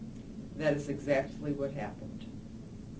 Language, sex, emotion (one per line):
English
female
neutral